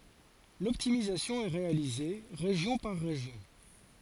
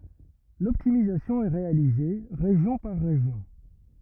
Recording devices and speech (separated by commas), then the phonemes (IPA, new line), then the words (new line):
forehead accelerometer, rigid in-ear microphone, read sentence
lɔptimizasjɔ̃ ɛ ʁealize ʁeʒjɔ̃ paʁ ʁeʒjɔ̃
L'optimisation est réalisée région par région.